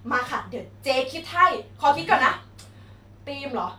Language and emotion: Thai, happy